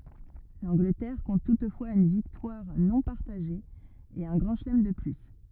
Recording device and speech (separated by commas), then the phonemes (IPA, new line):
rigid in-ear microphone, read sentence
lɑ̃ɡlətɛʁ kɔ̃t tutfwaz yn viktwaʁ nɔ̃ paʁtaʒe e œ̃ ɡʁɑ̃ ʃəlɛm də ply